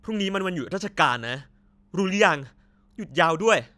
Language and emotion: Thai, angry